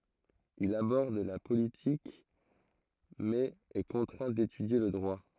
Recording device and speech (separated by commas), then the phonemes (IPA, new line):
throat microphone, read sentence
il abɔʁd la politik mɛz ɛ kɔ̃tʁɛ̃ detydje lə dʁwa